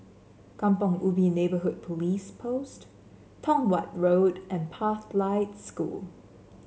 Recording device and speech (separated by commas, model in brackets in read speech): mobile phone (Samsung C7), read sentence